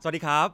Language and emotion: Thai, neutral